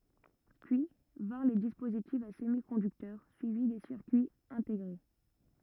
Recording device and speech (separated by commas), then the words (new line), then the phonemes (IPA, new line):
rigid in-ear microphone, read sentence
Puis, vinrent les dispositifs à semi-conducteurs, suivis des circuits intégrés.
pyi vɛ̃ʁ le dispozitifz a səmikɔ̃dyktœʁ syivi de siʁkyiz ɛ̃teɡʁe